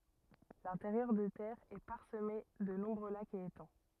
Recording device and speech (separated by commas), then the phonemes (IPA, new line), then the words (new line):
rigid in-ear microphone, read sentence
lɛ̃teʁjœʁ de tɛʁz ɛ paʁsəme də nɔ̃bʁø lakz e etɑ̃
L'intérieur des terres est parsemé de nombreux lacs et étangs.